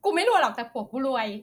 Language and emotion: Thai, happy